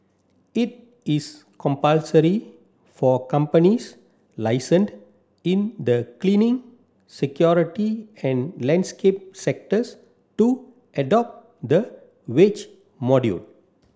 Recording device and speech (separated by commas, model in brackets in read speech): standing microphone (AKG C214), read sentence